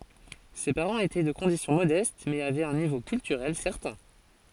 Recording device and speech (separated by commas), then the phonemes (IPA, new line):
forehead accelerometer, read sentence
se paʁɑ̃z etɛ də kɔ̃disjɔ̃ modɛst mɛz avɛt œ̃ nivo kyltyʁɛl sɛʁtɛ̃